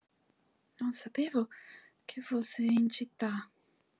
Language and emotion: Italian, fearful